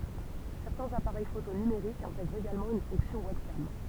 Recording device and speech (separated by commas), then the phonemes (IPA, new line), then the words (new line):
temple vibration pickup, read sentence
sɛʁtɛ̃z apaʁɛj foto nymeʁikz ɛ̃tɛɡʁt eɡalmɑ̃ yn fɔ̃ksjɔ̃ wɛbkam
Certains appareils photo numériques intègrent également une fonction webcam.